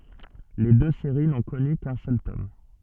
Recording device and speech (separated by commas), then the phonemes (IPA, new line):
soft in-ear microphone, read sentence
le dø seʁi nɔ̃ kɔny kœ̃ sœl tɔm